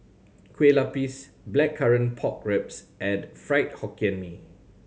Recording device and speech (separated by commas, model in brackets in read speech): mobile phone (Samsung C7100), read sentence